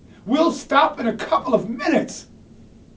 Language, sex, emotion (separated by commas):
English, male, angry